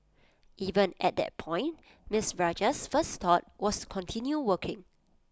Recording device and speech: close-talking microphone (WH20), read sentence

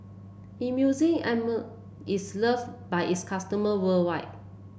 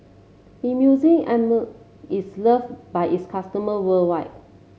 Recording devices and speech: boundary microphone (BM630), mobile phone (Samsung C7), read sentence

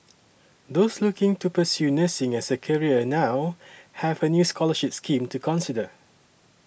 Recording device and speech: boundary microphone (BM630), read sentence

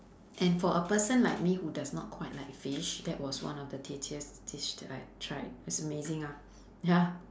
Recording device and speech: standing microphone, conversation in separate rooms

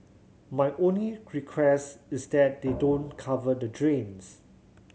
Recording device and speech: mobile phone (Samsung C7100), read sentence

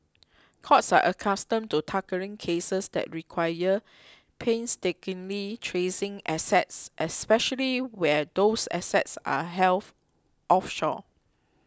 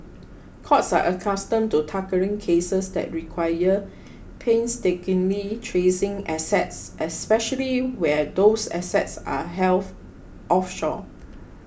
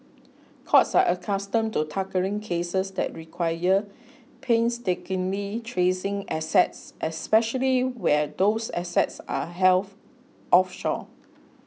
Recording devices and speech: close-talking microphone (WH20), boundary microphone (BM630), mobile phone (iPhone 6), read sentence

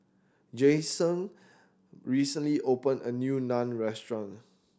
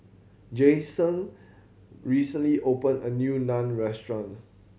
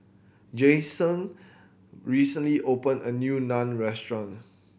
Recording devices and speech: standing microphone (AKG C214), mobile phone (Samsung C7100), boundary microphone (BM630), read sentence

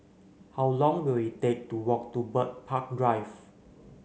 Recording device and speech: mobile phone (Samsung C9), read sentence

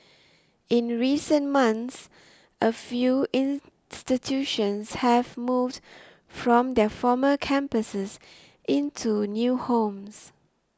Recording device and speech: standing microphone (AKG C214), read sentence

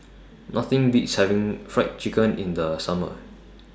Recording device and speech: standing microphone (AKG C214), read sentence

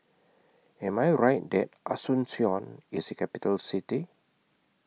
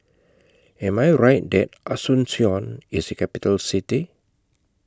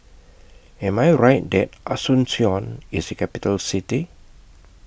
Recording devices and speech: mobile phone (iPhone 6), close-talking microphone (WH20), boundary microphone (BM630), read sentence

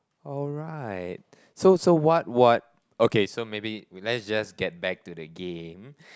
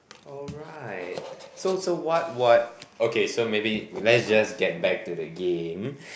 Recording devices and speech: close-talking microphone, boundary microphone, conversation in the same room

